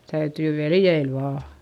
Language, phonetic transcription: Finnish, täytỳ veljeil vaa .
- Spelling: täytyy veljeillä vain

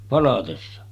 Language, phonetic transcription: Finnish, 'palatessa .
- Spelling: palatessa

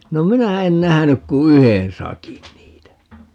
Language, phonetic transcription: Finnish, no "minä 'en 'nähänyk ku "yhen 'sakin 'niitä .
- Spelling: no minä en nähnyt kuin yhden sakin niitä

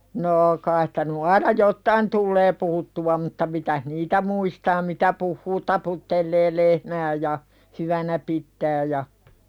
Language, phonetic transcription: Finnish, noo 'kais stä ny aina "jottain tullee puhuttuwa mutta 'mitäh "niitä muistaa "mitä puhhuu 'taputtellee "lehmää ja , "hyvänä pittää ja .
- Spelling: no kai sitä nyt aina jotakin tulee puhuttua mutta mitä niitä muistaa mitä puhuu taputtelee lehmää ja hyvänä pitää ja

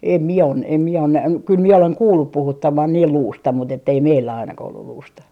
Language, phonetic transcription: Finnish, 'em 'mie o , 'em 'mie on näh- , 'kyl 'mie 'oleŋ "kuullup 'puhuttaman niil 'luusta mut ‿ettei "meillä 'ainakah ollul 'luusta .
- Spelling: en minä ole en minä ole - kyllä minä olen kuullut puhuttaman niin luusta mutta että ei meillä ainakaan ollut luusta

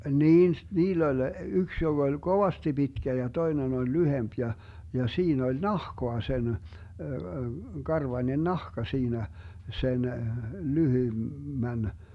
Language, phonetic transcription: Finnish, 'niin s- , "niill ‿oĺ , 'yks 'joG ‿oĺ "Govasti 'Bitkä ja 'toinen oĺ "lyhemp ja , ja 'siin ‿oĺ "nahkoa sen , 'karvańen "nahka 'siinä , 'sen , 'lyhym- , -män ,.
- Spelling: niin - niillä oli yksi joka oli kovasti pitkä ja toinen oli lyhyempi ja ja siinä oli nahkaa sen karvainen nahka siinä sen - lyhyemmän

